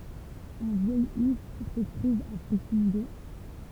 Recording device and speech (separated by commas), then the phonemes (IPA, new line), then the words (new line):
temple vibration pickup, read sentence
œ̃ vjɛj if sə tʁuv a pʁoksimite
Un vieil if se trouve à proximité.